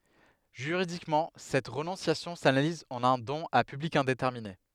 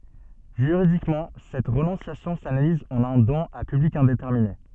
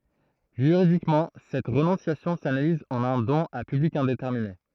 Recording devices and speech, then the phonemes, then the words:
headset microphone, soft in-ear microphone, throat microphone, read sentence
ʒyʁidikmɑ̃ sɛt ʁənɔ̃sjasjɔ̃ sanaliz ɑ̃n œ̃ dɔ̃n a pyblik ɛ̃detɛʁmine
Juridiquement, cette renonciation s'analyse en un don à public indéterminé.

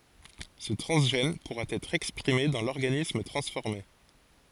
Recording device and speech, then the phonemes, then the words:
forehead accelerometer, read sentence
sə tʁɑ̃zʒɛn puʁa ɛtʁ ɛkspʁime dɑ̃ lɔʁɡanism tʁɑ̃sfɔʁme
Ce transgène pourra être exprimé dans l'organisme transformé.

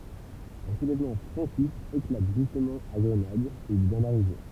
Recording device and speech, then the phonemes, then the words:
temple vibration pickup, read sentence
œ̃ sulɛvmɑ̃ fʁɑ̃kist eklat ʒystmɑ̃ a ɡʁənad u il vjɛ̃ daʁive
Un soulèvement franquiste éclate justement à Grenade où il vient d'arriver.

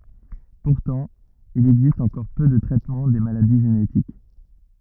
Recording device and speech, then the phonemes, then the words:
rigid in-ear microphone, read sentence
puʁtɑ̃ il ɛɡzist ɑ̃kɔʁ pø də tʁɛtmɑ̃ de maladi ʒenetik
Pourtant, il existe encore peu de traitement des maladies génétiques.

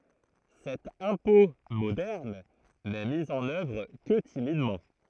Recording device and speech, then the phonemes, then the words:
throat microphone, read sentence
sɛt ɛ̃pɔ̃ modɛʁn nɛ mi ɑ̃n œvʁ kə timidmɑ̃
Cet impôt moderne n'est mis en œuvre que timidement.

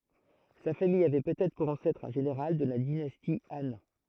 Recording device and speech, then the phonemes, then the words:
throat microphone, read sentence
sa famij avɛ pøtɛtʁ puʁ ɑ̃sɛtʁ œ̃ ʒeneʁal də la dinasti ɑ̃
Sa famille avait peut-être pour ancêtre un général de la dynastie Han.

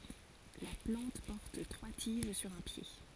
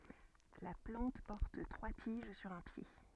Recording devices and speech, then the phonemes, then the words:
forehead accelerometer, soft in-ear microphone, read sentence
la plɑ̃t pɔʁt tʁwa tiʒ syʁ œ̃ pje
La plante porte trois tiges sur un pied.

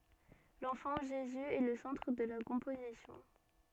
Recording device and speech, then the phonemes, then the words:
soft in-ear microphone, read sentence
lɑ̃fɑ̃ ʒezy ɛ lə sɑ̃tʁ də la kɔ̃pozisjɔ̃
L’enfant Jésus est le centre de la composition.

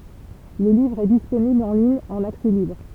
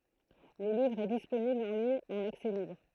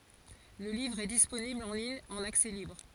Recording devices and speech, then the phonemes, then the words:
temple vibration pickup, throat microphone, forehead accelerometer, read sentence
lə livʁ ɛ disponibl ɑ̃ liɲ ɑ̃n aksɛ libʁ
Le livre est disponible en ligne en accès libre.

